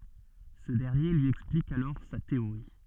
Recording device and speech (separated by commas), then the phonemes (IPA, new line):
soft in-ear microphone, read sentence
sə dɛʁnje lyi ɛksplik alɔʁ sa teoʁi